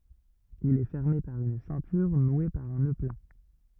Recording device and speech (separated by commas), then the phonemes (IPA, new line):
rigid in-ear microphone, read sentence
il ɛ fɛʁme paʁ yn sɛ̃tyʁ nwe paʁ œ̃ nø pla